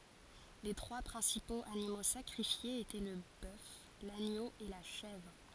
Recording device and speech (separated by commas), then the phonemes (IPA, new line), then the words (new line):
forehead accelerometer, read sentence
le tʁwa pʁɛ̃sipoz animo sakʁifjez etɛ lə bœf laɲo e la ʃɛvʁ
Les trois principaux animaux sacrifiés étaient le bœuf, l'agneau et la chèvre.